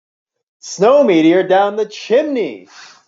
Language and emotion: English, sad